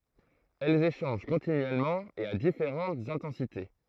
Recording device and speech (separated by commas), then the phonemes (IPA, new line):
throat microphone, read sentence
ɛlz eʃɑ̃ʒ kɔ̃tinyɛlmɑ̃ e a difeʁɑ̃tz ɛ̃tɑ̃site